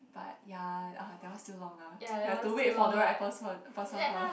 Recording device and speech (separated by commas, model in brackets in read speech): boundary microphone, conversation in the same room